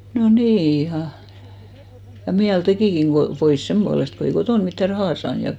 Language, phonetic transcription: Finnish, no 'nii iha ja miäl 'tekìkiŋ ɢo , 'pois semʙualest ko 'ei 'kotòn mittä "rahà 'saan ja .
- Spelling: no niin ihan ja mieli tekikin kun pois sen puolesta kun ei kotona mitään rahaa saanut ja

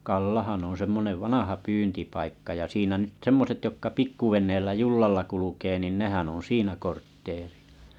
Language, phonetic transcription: Finnish, 'Kallahan on 'semmonev 'vanaha pyyntipaikka ja 'siinä nyt 'semmoset jokka 'pikkuven̆neellä 'jullalla kulukee nin 'nehän oo̰ 'siinä kortteerɪ₍ᴀ .
- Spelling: Kallahan on semmoinen vanha pyyntipaikka ja siinä nyt semmoiset jotka pikkuveneellä jollalla kulkee niin nehän on siinä kortteeria

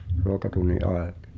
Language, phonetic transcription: Finnish, ruokatunni '’aej(at) .
- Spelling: ruokatunnin ajat

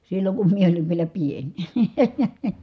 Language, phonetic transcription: Finnish, silloŋ kum mie oliv vielä pień .
- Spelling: silloin kun minä olin vielä pieni

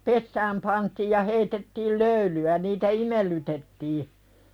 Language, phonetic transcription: Finnish, ja , 'kuumaa , "pessääm pantiij ja 'heitettiil "löyly₍ä niitä "imellytettii , 'siällä si- siinä "kasossa .
- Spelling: ja kuumaa pesään pantiin ja heitettiin löylyä niitä imellytettiin siellä - siinä kasossa

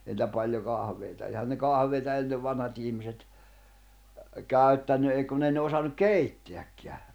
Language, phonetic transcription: Finnish, ei nⁱtä paljo 'kahᵃv̀eita ehän ne "kahveita ennev 'vanhat ihmiset , 'kä̀yttänny ei kunⁿ ‿ei ne osannuᵏ "keittḙäkkḙä .
- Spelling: ei niitä paljon kahveja eihän ne kahveja ennen vanhat ihmiset käyttänyt ei kun ei ne osannut keittääkään

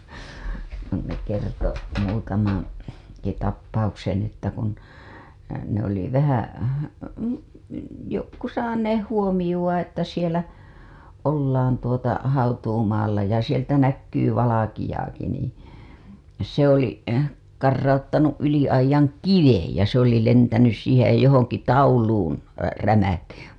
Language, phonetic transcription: Finnish, ne kerto , muutamaŋ- , -ki tap-pauksen ‿että kun , ne ‿oli 'vähä , 'jokku 'saaneeh "huo-miʲuWa että sielä , ollaan tuota , 'hautuumaalla ja sieltä näkkyy 'valakiʲaaki niiḭ , se ‿oli , 'karrauttanu' '’yli aij̆jaŋ "kivej , ja se ‿oli lentänys siihej ja johoŋki "tauluun , "rämä(hti) .
- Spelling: ne kertoi - muutamankin tapauksen että kun ne oli vähän jotkut saaneet huomiota että siellä ollaan tuota hautuumaalla ja sieltä näkyy valkeaakin niin se oli karauttanut yli aidan kiven ja se oli lentänyt siihen ja johonkin tauluun rämähti

